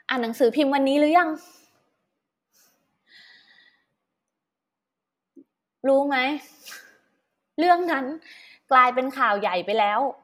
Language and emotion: Thai, frustrated